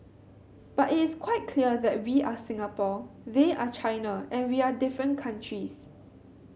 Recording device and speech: mobile phone (Samsung C7100), read sentence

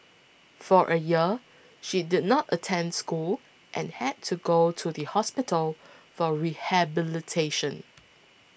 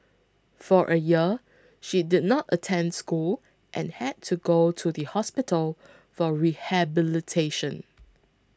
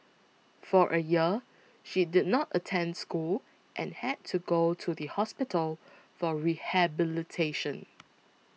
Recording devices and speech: boundary microphone (BM630), close-talking microphone (WH20), mobile phone (iPhone 6), read sentence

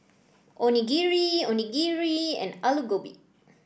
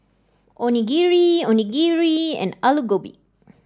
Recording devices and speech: boundary microphone (BM630), standing microphone (AKG C214), read sentence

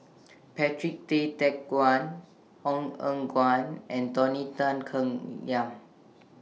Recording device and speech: mobile phone (iPhone 6), read sentence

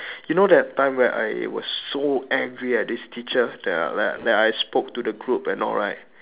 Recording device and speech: telephone, conversation in separate rooms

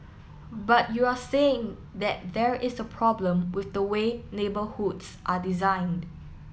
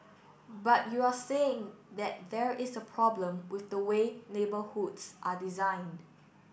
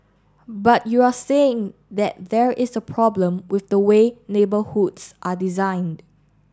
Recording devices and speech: mobile phone (iPhone 7), boundary microphone (BM630), standing microphone (AKG C214), read sentence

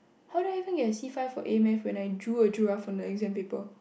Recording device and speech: boundary microphone, conversation in the same room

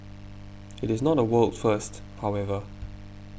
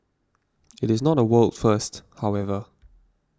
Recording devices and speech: boundary microphone (BM630), standing microphone (AKG C214), read sentence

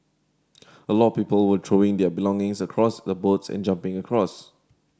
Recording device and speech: standing microphone (AKG C214), read sentence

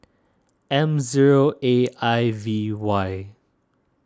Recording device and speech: standing microphone (AKG C214), read sentence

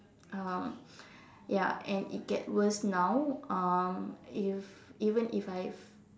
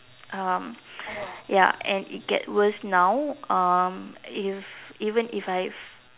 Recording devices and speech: standing microphone, telephone, conversation in separate rooms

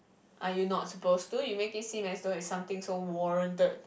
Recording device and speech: boundary microphone, conversation in the same room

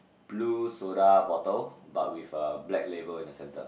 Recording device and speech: boundary microphone, conversation in the same room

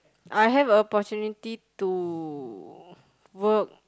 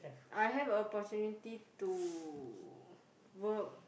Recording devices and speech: close-talking microphone, boundary microphone, conversation in the same room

